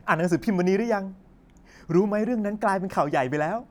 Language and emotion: Thai, happy